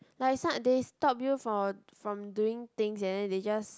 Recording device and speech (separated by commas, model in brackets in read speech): close-talking microphone, conversation in the same room